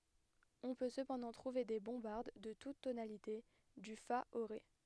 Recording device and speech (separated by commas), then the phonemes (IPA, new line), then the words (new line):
headset microphone, read sentence
ɔ̃ pø səpɑ̃dɑ̃ tʁuve de bɔ̃baʁd də tut tonalite dy fa o ʁe
On peut cependant trouver des bombardes de toutes tonalités, du fa au ré.